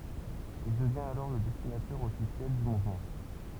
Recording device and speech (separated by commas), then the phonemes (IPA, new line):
temple vibration pickup, read sentence
il dəvjɛ̃t alɔʁ lə dɛsinatœʁ ɔfisjɛl dy muvmɑ̃